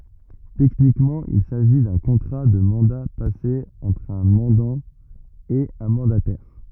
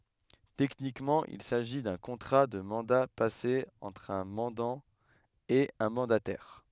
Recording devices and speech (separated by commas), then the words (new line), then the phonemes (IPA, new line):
rigid in-ear microphone, headset microphone, read sentence
Techniquement il s'agit d'un contrat de mandat passé entre un mandant et un mandataire.
tɛknikmɑ̃ il saʒi dœ̃ kɔ̃tʁa də mɑ̃da pase ɑ̃tʁ œ̃ mɑ̃dɑ̃ e œ̃ mɑ̃datɛʁ